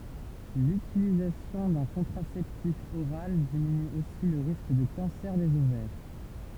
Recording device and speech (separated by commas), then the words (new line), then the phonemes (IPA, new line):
temple vibration pickup, read sentence
L'utilisation d'un contraceptif oral diminue aussi le risque de cancer des ovaires.
lytilizasjɔ̃ dœ̃ kɔ̃tʁasɛptif oʁal diminy osi lə ʁisk də kɑ̃sɛʁ dez ovɛʁ